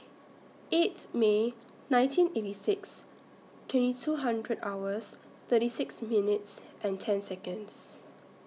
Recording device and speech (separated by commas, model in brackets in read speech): mobile phone (iPhone 6), read sentence